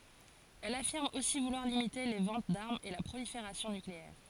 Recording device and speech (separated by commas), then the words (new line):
forehead accelerometer, read sentence
Elle affirme aussi vouloir limiter les ventes d'armes et la prolifération nucléaire.